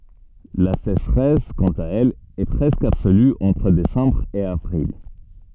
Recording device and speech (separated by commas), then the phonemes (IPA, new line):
soft in-ear microphone, read sentence
la seʃʁɛs kɑ̃t a ɛl ɛ pʁɛskə absoly ɑ̃tʁ desɑ̃bʁ e avʁil